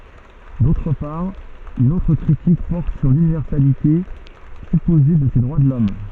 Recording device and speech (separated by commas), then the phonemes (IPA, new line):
soft in-ear microphone, read sentence
dotʁ paʁ yn otʁ kʁitik pɔʁt syʁ lynivɛʁsalite sypoze də se dʁwa də lɔm